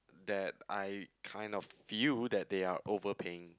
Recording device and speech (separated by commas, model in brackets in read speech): close-talking microphone, conversation in the same room